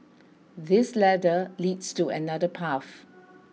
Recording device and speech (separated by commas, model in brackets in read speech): mobile phone (iPhone 6), read sentence